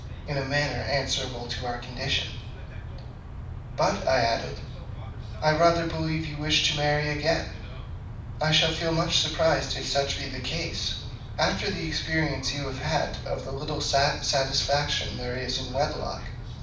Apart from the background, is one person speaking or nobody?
One person.